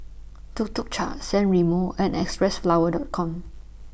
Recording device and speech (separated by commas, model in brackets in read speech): boundary microphone (BM630), read sentence